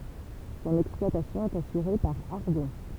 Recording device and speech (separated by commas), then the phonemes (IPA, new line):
temple vibration pickup, read sentence
sɔ̃n ɛksplwatasjɔ̃ ɛt asyʁe paʁ aʁdɔ̃